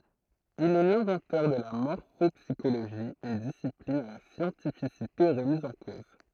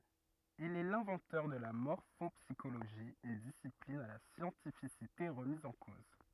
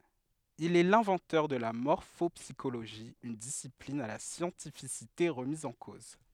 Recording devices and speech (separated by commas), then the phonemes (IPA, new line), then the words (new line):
throat microphone, rigid in-ear microphone, headset microphone, read sentence
il ɛ lɛ̃vɑ̃tœʁ də la mɔʁfɔpsiʃoloʒi yn disiplin a la sjɑ̃tifisite ʁəmiz ɑ̃ koz
Il est l'inventeur de la morphopsychologie, une discipline à la scientificité remise en cause.